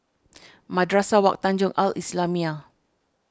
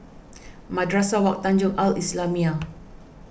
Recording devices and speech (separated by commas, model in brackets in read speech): standing microphone (AKG C214), boundary microphone (BM630), read sentence